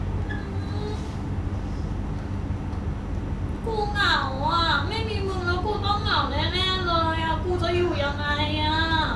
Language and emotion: Thai, frustrated